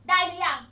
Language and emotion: Thai, angry